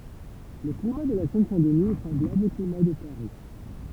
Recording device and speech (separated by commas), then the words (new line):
temple vibration pickup, read sentence
Le climat de la Seine-Saint-Denis est semblable au climat de Paris.